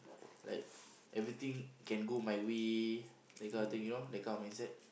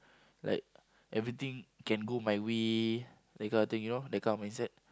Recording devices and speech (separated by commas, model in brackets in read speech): boundary microphone, close-talking microphone, conversation in the same room